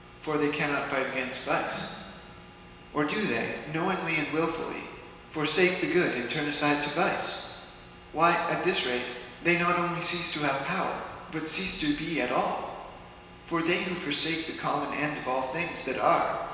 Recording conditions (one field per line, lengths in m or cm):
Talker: one person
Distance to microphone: 1.7 m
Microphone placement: close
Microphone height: 1.0 m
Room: very reverberant, large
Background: none